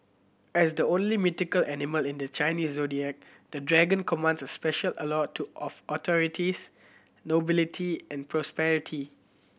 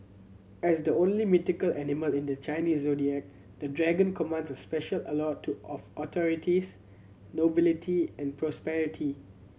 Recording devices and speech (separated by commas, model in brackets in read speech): boundary microphone (BM630), mobile phone (Samsung C7100), read sentence